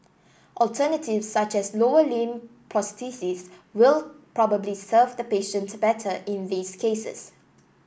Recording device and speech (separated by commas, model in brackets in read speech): boundary microphone (BM630), read sentence